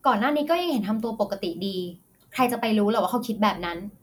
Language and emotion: Thai, neutral